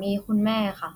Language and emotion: Thai, neutral